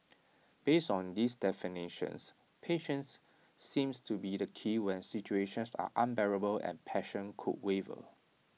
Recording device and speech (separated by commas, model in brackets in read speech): mobile phone (iPhone 6), read sentence